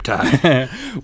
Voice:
gruffly